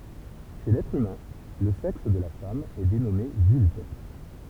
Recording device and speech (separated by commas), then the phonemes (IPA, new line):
temple vibration pickup, read sentence
ʃe lɛtʁ ymɛ̃ lə sɛks də la fam ɛ denɔme vylv